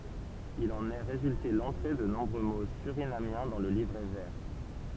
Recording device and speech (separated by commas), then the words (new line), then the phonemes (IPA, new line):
temple vibration pickup, read sentence
Il en est résulté l'entrée de nombreux mots surinamiens dans le livret vert.
il ɑ̃n ɛ ʁezylte lɑ̃tʁe də nɔ̃bʁø mo syʁinamjɛ̃ dɑ̃ lə livʁɛ vɛʁ